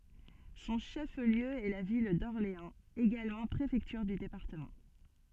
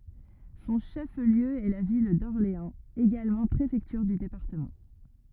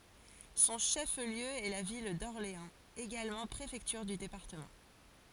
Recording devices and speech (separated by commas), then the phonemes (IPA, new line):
soft in-ear microphone, rigid in-ear microphone, forehead accelerometer, read sentence
sɔ̃ ʃəfliø ɛ la vil dɔʁleɑ̃z eɡalmɑ̃ pʁefɛktyʁ dy depaʁtəmɑ̃